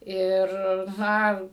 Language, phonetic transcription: Lithuanian, ˈir ˈna

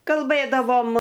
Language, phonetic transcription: Lithuanian, kalˈbɘdavom

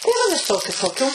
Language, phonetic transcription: Lithuanian, tai ˈva viˈsokiu toˈkių

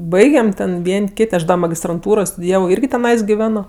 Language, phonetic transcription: Lithuanian, ˈbaigem ten ˈvien' ˈkit' ˈaš da magistranˈtūroj studiˈjavo ˈirgi teˈnais giˈveno

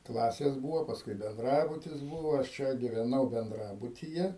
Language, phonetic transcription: Lithuanian, ˈklasės ˈbūvo pasˈkui benˈdrabutis ˈbūvo aš ˈčia giveˈnau benˈdrabutyje

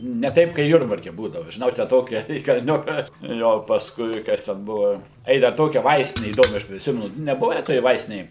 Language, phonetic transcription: Lithuanian, ne ˈtaip kai ˈjurbarke ˈbūdavu žiˈnau tę ˈtokia į kalˈniuka ˈjo pasˈkui ˈkas ten ˈbuvo ˈai dar ˈtokia ˈvaistine įˈdomia ˈaš priˈsimenu neˈbuve toj ˈvaistinėj

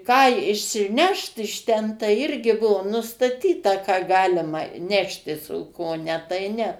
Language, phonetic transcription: Lithuanian, ˈką išsiˈnešt iš ˈten tai ˈirgi ˈbuo nustaˈtyta ką ˈgalima ˈneštis o ˈko ˈne tai ˈne

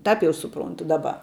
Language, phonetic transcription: Lithuanian, ˈtap jau suˈprontu ˈdaˌba

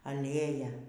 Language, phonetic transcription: Lithuanian, aˈlėja

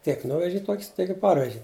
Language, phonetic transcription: Lithuanian, tiek ˈnuveži ˈtok's' tiek i ˈparveži

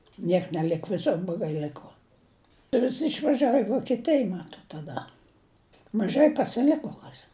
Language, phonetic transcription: Lithuanian, ˈniek neˈlik viˈsur bloˈgai ˈliko visi išvaˈžiavo i vokieˈtij ˈmatot taˈda maˈžai pasiˈliko ˈkas

